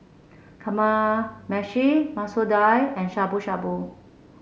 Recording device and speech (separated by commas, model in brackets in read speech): mobile phone (Samsung C7), read sentence